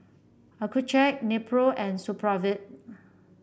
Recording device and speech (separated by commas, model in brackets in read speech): boundary microphone (BM630), read sentence